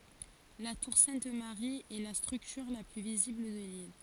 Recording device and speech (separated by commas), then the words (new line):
forehead accelerometer, read sentence
La tour Sainte Marie est la structure la plus visible de l'île.